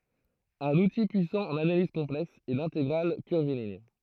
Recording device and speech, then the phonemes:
throat microphone, read sentence
œ̃n uti pyisɑ̃ ɑ̃n analiz kɔ̃plɛks ɛ lɛ̃teɡʁal kyʁviliɲ

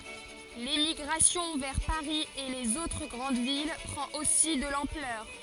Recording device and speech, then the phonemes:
forehead accelerometer, read sentence
lemiɡʁasjɔ̃ vɛʁ paʁi e lez otʁ ɡʁɑ̃d vil pʁɑ̃t osi də lɑ̃plœʁ

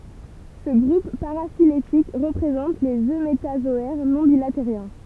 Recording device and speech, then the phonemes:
temple vibration pickup, read sentence
sə ɡʁup paʁafiletik ʁəpʁezɑ̃t lez ømetazɔɛʁ nɔ̃ bilateʁjɛ̃

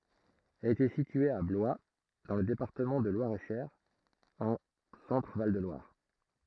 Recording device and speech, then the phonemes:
throat microphone, read sentence
ɛl etɛ sitye a blwa dɑ̃ lə depaʁtəmɑ̃ də lwaʁɛtʃœʁ ɑ̃ sɑ̃tʁəval də lwaʁ

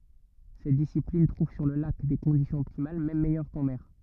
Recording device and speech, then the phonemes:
rigid in-ear microphone, read sentence
sɛt disiplin tʁuv syʁ lə lak de kɔ̃disjɔ̃z ɔptimal mɛm mɛjœʁ kɑ̃ mɛʁ

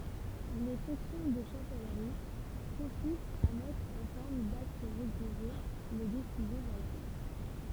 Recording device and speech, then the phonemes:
temple vibration pickup, read sentence
le fɔ̃ksjɔ̃ də ʃɑ̃sɛlʁi kɔ̃sistt a mɛtʁ ɑ̃ fɔʁm dakt ʁediʒe le desizjɔ̃ ʁwajal

